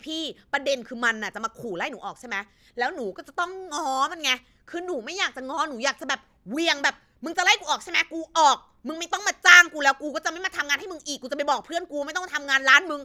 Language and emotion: Thai, angry